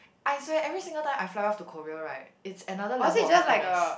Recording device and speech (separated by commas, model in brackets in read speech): boundary microphone, conversation in the same room